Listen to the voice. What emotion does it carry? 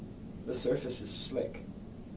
neutral